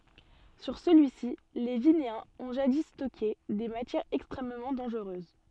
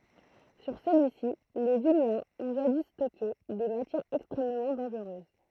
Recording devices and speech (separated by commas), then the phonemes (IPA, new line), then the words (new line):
soft in-ear microphone, throat microphone, read sentence
syʁ səlyi si le vineɛ̃z ɔ̃ ʒadi stɔke de matjɛʁz ɛkstʁɛmmɑ̃ dɑ̃ʒʁøz
Sur celui-ci, les Vinéens ont jadis stocké des matières extrêmement dangereuses.